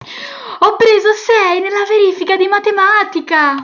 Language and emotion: Italian, happy